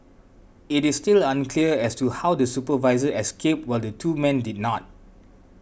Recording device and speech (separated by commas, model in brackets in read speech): boundary microphone (BM630), read sentence